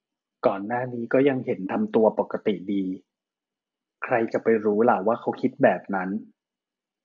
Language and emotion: Thai, neutral